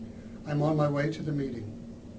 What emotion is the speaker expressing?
neutral